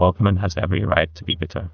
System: TTS, neural waveform model